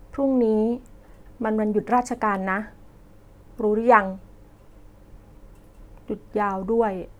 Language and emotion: Thai, neutral